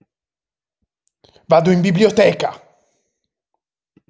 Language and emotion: Italian, angry